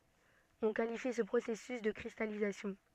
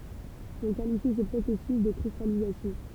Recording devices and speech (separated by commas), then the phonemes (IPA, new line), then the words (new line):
soft in-ear microphone, temple vibration pickup, read sentence
ɔ̃ kalifi sə pʁosɛsys də kʁistalizasjɔ̃
On qualifie ce processus de cristallisation.